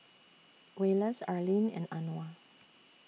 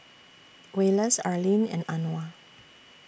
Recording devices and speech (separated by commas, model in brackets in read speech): mobile phone (iPhone 6), boundary microphone (BM630), read sentence